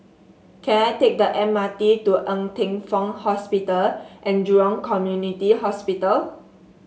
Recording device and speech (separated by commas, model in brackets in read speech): mobile phone (Samsung S8), read sentence